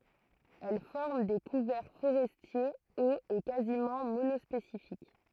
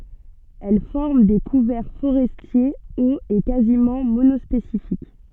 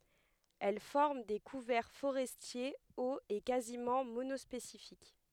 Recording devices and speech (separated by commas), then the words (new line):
throat microphone, soft in-ear microphone, headset microphone, read sentence
Elle forme des couverts forestiers hauts et quasiment monospécifiques.